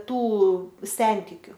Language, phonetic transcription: Lithuanian, ˈtų ˈsentikiu

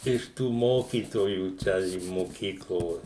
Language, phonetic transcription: Lithuanian, iš ˈtų ˈmokytojų ˈčia i moˈkyklo

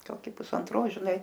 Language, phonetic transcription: Lithuanian, ˈkoki pusanˈtros ˈžiˈnai

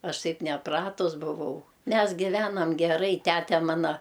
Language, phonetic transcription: Lithuanian, ˈaš ˈtaip neˈpratus buˈvau ˈmes giˈvenam geˈrai ˈtæte ˈmana

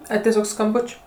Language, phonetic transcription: Lithuanian, ˈai teˈsiog skamˈbuč'

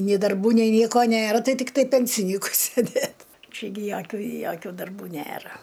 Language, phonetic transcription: Lithuanian, nė darˈbų nei ˈnieko ˈnėra ˈtai ˈtiktai ˈpensinykui sėˈdėt ˈčia gi ˈjokiu joˈkių darˈbų ˈnėra

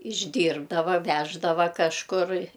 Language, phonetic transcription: Lithuanian, išˈdyrbdava ˈveždava kažˈkur

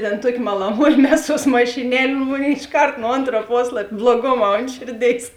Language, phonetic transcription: Lithuanian, ten ˈtuoki malaˈmuoji ˈmeˌsuos mašiˈnel' ˈmonėi išˈkart nu ˈontra ˈposlap' bluoˈgoˌmā ˈont šėrˌdėis

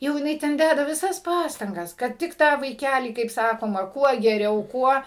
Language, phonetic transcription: Lithuanian, jau jiˈnai ten ˈdæda viˈsas ˈpastangas kad ˈtik ˈtą vaiˈkælį kaip ˈsakoma ˈkuo geˈriau ˈkuo

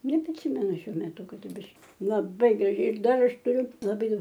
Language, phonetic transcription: Lithuanian, nepriˈsimenu ˈšiuo meˈtu kaˈdu ˈbiš laˈbai graˈžiai ir ˈdar ˈaš tuˈriu laˈbai ˈdaug

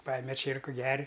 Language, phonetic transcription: Lithuanian, ˈpajeme ˈčierku ˈger'

